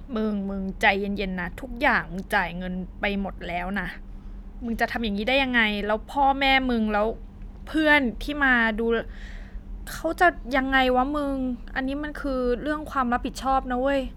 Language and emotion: Thai, frustrated